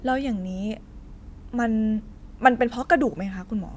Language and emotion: Thai, neutral